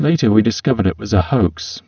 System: VC, spectral filtering